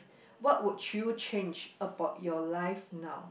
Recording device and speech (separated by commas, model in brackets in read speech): boundary microphone, conversation in the same room